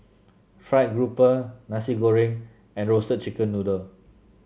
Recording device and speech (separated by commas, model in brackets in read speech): mobile phone (Samsung C7), read sentence